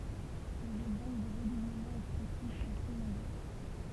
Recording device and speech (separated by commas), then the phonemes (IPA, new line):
temple vibration pickup, read sentence
lez ɛɡzɑ̃pl dy ʁədubləmɑ̃ ɛkspʁɛsif sɔ̃ tʁɛ nɔ̃bʁø